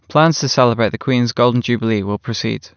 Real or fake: real